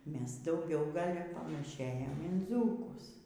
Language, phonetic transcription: Lithuanian, ˈmes dauˈgiau ˈgal' panaˈšėjam in ˈdzūkus

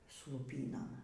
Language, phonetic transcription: Lithuanian, su luˈpynom

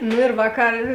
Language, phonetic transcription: Lithuanian, nu ir ˈvāˌkar

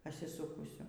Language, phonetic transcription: Lithuanian, pasiˈsūkusiu

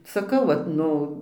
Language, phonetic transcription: Lithuanian, saˈkau vat ˈnu

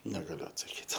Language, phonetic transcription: Lithuanian, negaˈliu atsaˈkyt

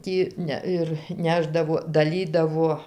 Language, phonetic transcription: Lithuanian, ˈtį ne ˈir ˈnešdavo daˈlydavo

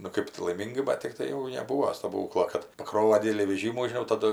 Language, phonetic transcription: Lithuanian, nu ˈkɜp tu laiˈmyngai ˈbat tikˈtai jau neˈbūo staˈbūklo kad paˈkrova ˈdidelį veˈžymų žiˈnau ˈtadu

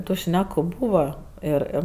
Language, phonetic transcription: Lithuanian, tu ˈšneku ˈbūva ˈir ˈir

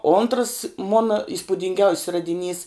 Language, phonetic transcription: Lithuanian, ontrs ˈmona ispudinˈgiaus's radiˈnys

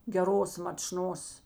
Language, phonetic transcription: Lithuanian, geˈros mačˈnos

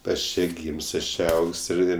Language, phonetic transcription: Lithuanian, ˈaš ˈčė ˈgym's' ˈaš ˈčė ˈaug's' ir ˈir

